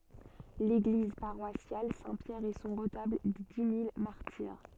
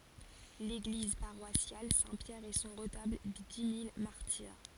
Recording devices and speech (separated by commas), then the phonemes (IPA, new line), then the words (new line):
soft in-ear microphone, forehead accelerometer, read sentence
leɡliz paʁwasjal sɛ̃ pjɛʁ e sɔ̃ ʁətabl de di mil maʁtiʁ
L'église paroissiale Saint-Pierre, et son retable des dix mille martyrs.